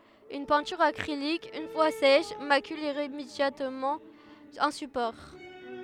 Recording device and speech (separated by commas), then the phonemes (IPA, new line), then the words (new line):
headset microphone, read sentence
yn pɛ̃tyʁ akʁilik yn fwa sɛʃ makyl iʁemedjabləmɑ̃ œ̃ sypɔʁ
Une peinture acrylique, une fois sèche, macule irrémédiablement un support.